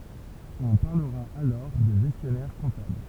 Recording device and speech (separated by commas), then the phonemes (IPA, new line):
temple vibration pickup, read sentence
ɔ̃ paʁləʁa alɔʁ də ʒɛstjɔnɛʁ kɔ̃tabl